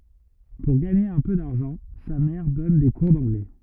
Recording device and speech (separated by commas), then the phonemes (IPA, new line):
rigid in-ear microphone, read sentence
puʁ ɡaɲe œ̃ pø daʁʒɑ̃ sa mɛʁ dɔn de kuʁ dɑ̃ɡlɛ